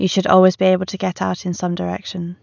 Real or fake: real